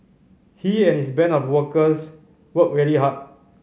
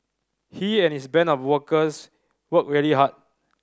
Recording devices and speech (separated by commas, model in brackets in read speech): mobile phone (Samsung C5010), standing microphone (AKG C214), read sentence